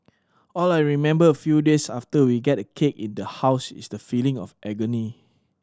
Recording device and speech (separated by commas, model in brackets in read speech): standing microphone (AKG C214), read sentence